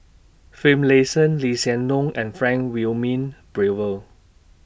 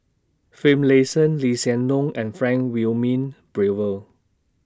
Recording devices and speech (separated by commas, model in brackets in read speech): boundary microphone (BM630), standing microphone (AKG C214), read sentence